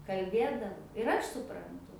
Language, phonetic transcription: Lithuanian, kalˈbėdav ir ˈaš supranˈtu

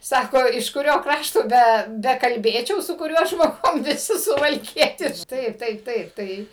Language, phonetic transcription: Lithuanian, ˈsako iš kuˈrio ˈkrašto ˈbe bekalˈbėčiau su kuˈriuo žmoˈgum viˈsi suvalˈkietišk ˈtaip ˈtaip ˈtaip ˈtai

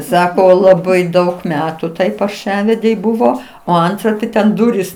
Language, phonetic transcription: Lithuanian, ˈsako laˈbai ˈdaug ˈmetu ˈtai parˈšavedei ˈbuvo o ˈantra ti ten ˈdurys

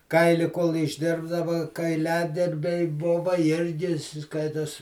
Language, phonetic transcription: Lithuanian, ˈkaili kol išˈdirbdava kaiˈliadirbiai ˈbuva ˈirgi ˈskaitos

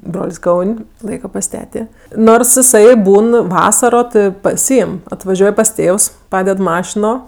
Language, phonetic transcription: Lithuanian, ˈbrol's' ˈkaun' ˈlaika pas ˈtetė ˈnors iˈsai ˈbūn ˈvasaro ˈtɜ paˈsyim atvaˈžiuoj pas ˈtėvs ˈpaded ˈmašino

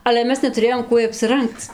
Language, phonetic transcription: Lithuanian, ale ˈmes netuˈrėjom ˈkuoj apsiˈrangc

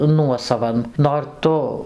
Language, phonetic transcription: Lithuanian, ˈnuosavan nor ˈtu

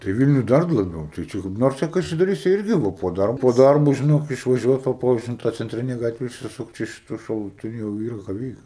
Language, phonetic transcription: Lithuanian, tai ˈvilniuj ˈdar ˈblogiau tai ˈčia kaip ˈnors ˈčia kaišiadoˈryse ˈirgi ˈva po ˈdarbo ˈdarbo žiˈnok išvaˈžiuot va ˈpo in ta cenˈtrine ˈgatve išsiˈsukt ˈiš iš šaluˈtinio jau ˈyra ką ˈveikt

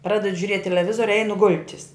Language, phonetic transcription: Lithuanian, ˈpradedu žiuˈriet' teleˈvizoriu ˈeinu ˈgul'tis

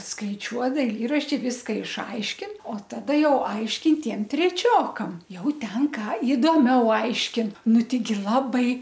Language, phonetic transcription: Lithuanian, skaiˈčiuo daiˈlyrašti ˈviska išˈaiškin o taˈda ˈjau ˈaiškin ˈtiem treˈčiokam ˈjau ˈten ˈką idoˈmiau ˈaiškin ˈnu ˈteigi ˈlabai

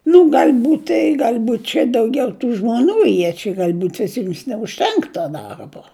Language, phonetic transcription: Lithuanian, nu gal'ˈbūt' i galˈbūt' čia dauˈgiau tų žmoˈnų ˈjie čia galˈbūt' viˈsims neužˈtenk to ˈdarbo

